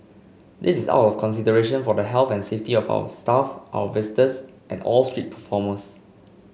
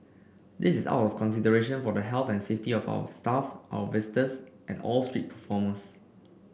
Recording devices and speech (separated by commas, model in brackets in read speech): mobile phone (Samsung C5), boundary microphone (BM630), read sentence